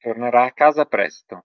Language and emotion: Italian, neutral